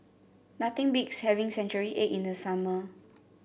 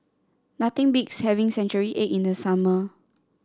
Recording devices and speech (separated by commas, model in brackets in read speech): boundary microphone (BM630), standing microphone (AKG C214), read sentence